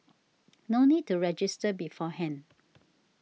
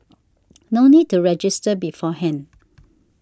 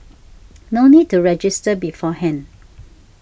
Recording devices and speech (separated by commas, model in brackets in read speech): mobile phone (iPhone 6), standing microphone (AKG C214), boundary microphone (BM630), read sentence